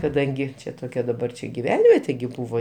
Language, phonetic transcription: Lithuanian, kaˈdangi ˈčia toˈkia daˈbar čia giˈvenvietė gi ˈbūvo

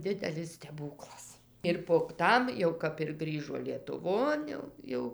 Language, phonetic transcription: Lithuanian, ˈdidelis steˈbūklas ir pog ˈtam jau kap ir ˈgrįžo lietuˈvon jau ˈjau

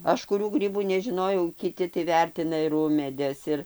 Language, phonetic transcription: Lithuanian, ˈaš kuˈrių ˈgrybų neˈžinojau kiˈti tai ˈvertina ir ˈumėdes ˈir

